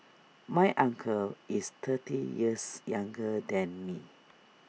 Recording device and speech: mobile phone (iPhone 6), read sentence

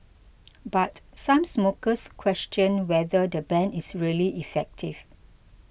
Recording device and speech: boundary microphone (BM630), read sentence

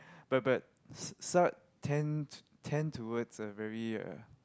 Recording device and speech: close-talking microphone, conversation in the same room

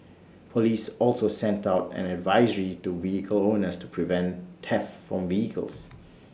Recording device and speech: standing microphone (AKG C214), read sentence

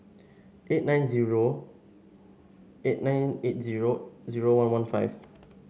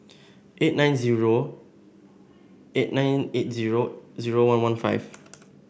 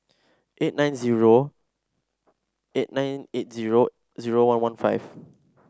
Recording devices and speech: mobile phone (Samsung S8), boundary microphone (BM630), standing microphone (AKG C214), read sentence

